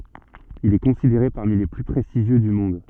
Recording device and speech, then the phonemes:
soft in-ear microphone, read sentence
il ɛ kɔ̃sideʁe paʁmi le ply pʁɛstiʒjø dy mɔ̃d

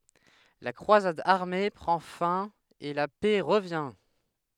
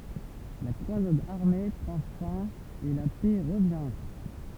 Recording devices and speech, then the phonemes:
headset microphone, temple vibration pickup, read sentence
la kʁwazad aʁme pʁɑ̃ fɛ̃ e la pɛ ʁəvjɛ̃

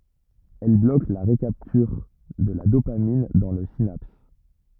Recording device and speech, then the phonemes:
rigid in-ear microphone, read sentence
ɛl blok la ʁəkaptyʁ də la dopamin dɑ̃ la sinaps

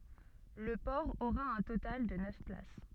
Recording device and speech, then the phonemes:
soft in-ear microphone, read sentence
lə pɔʁ oʁa œ̃ total də nœf plas

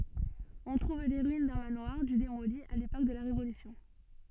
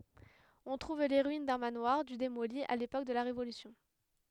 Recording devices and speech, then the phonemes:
soft in-ear microphone, headset microphone, read sentence
ɔ̃ tʁuv le ʁyin dœ̃ manwaʁ dy demoli a lepok də la ʁevolysjɔ̃

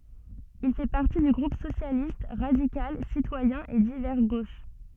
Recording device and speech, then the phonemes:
soft in-ear microphone, read sentence
il fɛ paʁti dy ɡʁup sosjalist ʁadikal sitwajɛ̃ e divɛʁ ɡoʃ

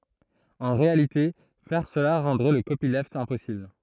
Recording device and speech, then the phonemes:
throat microphone, read sentence
ɑ̃ ʁealite fɛʁ səla ʁɑ̃dʁɛ lə kopilft ɛ̃pɔsibl

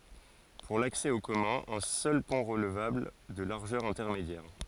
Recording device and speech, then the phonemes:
forehead accelerometer, read sentence
puʁ laksɛ o kɔmœ̃z œ̃ sœl pɔ̃ ʁəlvabl də laʁʒœʁ ɛ̃tɛʁmedjɛʁ

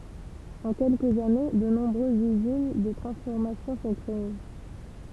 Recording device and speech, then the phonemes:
temple vibration pickup, read sentence
ɑ̃ kɛlkəz ane də nɔ̃bʁøzz yzin də tʁɑ̃sfɔʁmasjɔ̃ sɔ̃ kʁee

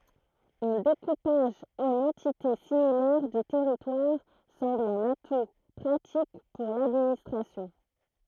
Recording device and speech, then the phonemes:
throat microphone, read sentence
œ̃ dekupaʒ ɑ̃n ɑ̃tite similɛʁ dy tɛʁitwaʁ sɑ̃bl œ̃n atu pʁatik puʁ ladministʁasjɔ̃

